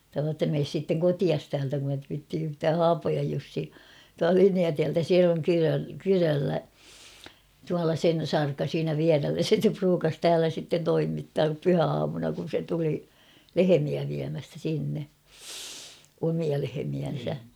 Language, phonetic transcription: Finnish, (sanoo ‿ttä) » mees sitteŋ 'kotias täältä kun ‿et viitti yhtää « "Haapojaj 'Jussi , tua[lta] "Liniatiältä se oŋ 'kyrö- 'kyröllä , tuala 'sen̬ "sarka 'siinä viärellä se (stä) pruukas 'täälä sitten 'toimittaap "pyhäaamuna kun̬ se tuli , "lehemiä viämästä 'sinne , 'omia lehemiän̬sä .
- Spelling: sanoo että mene sitten kotiisi täältä kun et viitsi yhtään Haapojan Jussi tuolta Linjatieltä se on - kyröllä tuolla sen sarka siinä vierellä se sitä ruukasi täällä sitten toimittaa pyhäaamuna kun se tuli lehmiä viemästä sinne omia lehmiänsä

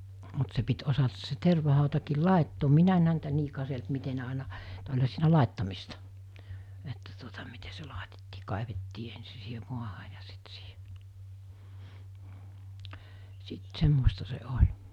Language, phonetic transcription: Finnish, mut se pit 'osatas se 'terva-hàutakiil "làettoom "minä en häntä 'nii 'kaselt 'mite ne àina , -t oĺha siinä 'làettamista , että tuota mite se 'làetettii 'kàevettii ensi siihe 'muaha ja sit sii(ɦe) , sit 'semmosta se 'oĺ .
- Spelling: mutta se piti osata se tervahautakin laittaa minä en häntä niin katsellut miten ne aina - olihan siinä laittamista että tuota miten se laitettiin kaivettiin ensin siihen maahan ja sitten siihen sitten semmoista se oli

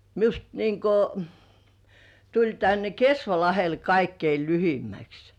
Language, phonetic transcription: Finnish, 'miust niiŋko , tuĺ tänne "Kesvalahel kaikkei 'lyhimmäks .
- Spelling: minusta niin kuin tuli tänne Kesvalahdelle kaikkein lyhimmäksi

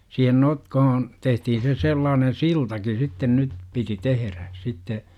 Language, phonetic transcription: Finnish, 'siihen "notkohon , 'tehtihin se 'sellaanen "siltaki sitten nyt , piti 'teherä , 'sitte .
- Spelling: siihen notkoon tehtiin se sellainen siltakin sitten nyt piti tehdä sitten

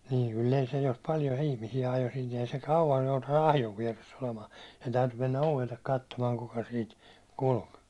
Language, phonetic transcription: Finnish, niiŋ kyll ‿ei se jos 'paljo ihmisi₍ä jo sin̬ ‿ei se 'kauwj joutannu 'ahjov viɛress ‿olemaa , sen 'täytyy mennä 'ovellek 'kattomaa kuka siit , 'kulk .
- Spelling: niin kyllä ei se jos paljon ihmisiä ajoo sinne ei se kauan joutanut ahjon vieressä olemaan sen täytyy mennä ovelle katsomaan kuka siitä kulki

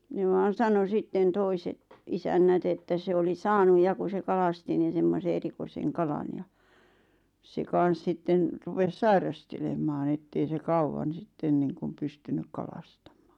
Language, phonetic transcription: Finnish, ne vaan̬ 'sano sitten 'toiset , 'isännät ‿että se oli "saanuj ja ku se 'kalasti nin̬ semmose 'erikoiseŋ "kalan ja , se 'kan̬s 'sitten , 'rupes "sairastelemaaⁿ ‿ettei se 'kauwan̬ 'sitten niiŋkum 'pystynyk 'kalastam̆mᴀᴀ .
- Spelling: ne vain sanoi sitten toiset isännät että se oli saanut ja kun se kalasti niin semmoisen erikoisen kalan ja se kanssa sitten rupesi sairastelemaan että ei se kauan sitten niin kuin pystynyt kalastamaan

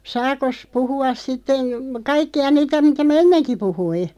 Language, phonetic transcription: Finnish, 'saakos 'puhu₍as 'sitten̬ , 'kaikki₍a 'niitä mitä mᵃ̈ "enneŋki 'puhui ?
- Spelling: saakos puhua sitten kaikkia niitä mitä minä ennenkin puhuin

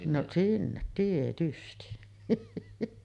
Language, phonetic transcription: Finnish, noˀ , 'sinnet tietysti .
- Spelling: no sinne tietysti

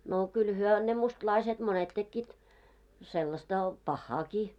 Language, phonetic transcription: Finnish, no kyl 'hyö ne 'mustlaiset monet tekkiit , sellasta , "pahhaaki .
- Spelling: no kyllä he ne mustalaiset monet tekivät sellaista pahaakin

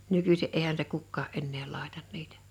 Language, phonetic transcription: Finnish, 'nykysi 'eihän se 'kukkaa "ennee 'làetan 'nitᴀ̈ .
- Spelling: nykyisin eihän se kukaan enää laita niitä

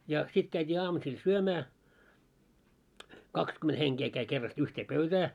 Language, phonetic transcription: Finnish, ja , 'sit käit́ii 'aamusil "syömää , 'kakskyment 'heŋkee käi kerrast 'yhtee "pöytää .
- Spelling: ja sitten käytiin aamusilla syömään kaksikymmentä henkeä kävi kerrasta yhteen pöytään

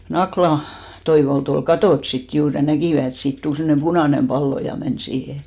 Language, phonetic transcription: Finnish, ja 'Nakla , 'Toivolt ‿ol "katòt sit 'juur ja "näkìvä et 'siit 'tul semmᵒnem "ʙunànem 'pallo ja men 'siihe .
- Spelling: ja Nakkilan Toivolta oli katsottu sitten juuri ja näkivät että siitä tuli semmoinen punainen pallo ja meni siihen

